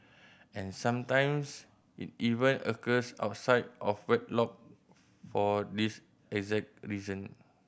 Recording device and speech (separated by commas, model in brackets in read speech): boundary microphone (BM630), read sentence